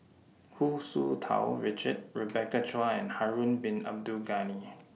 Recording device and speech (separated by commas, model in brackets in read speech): mobile phone (iPhone 6), read sentence